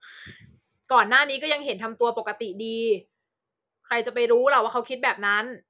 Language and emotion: Thai, frustrated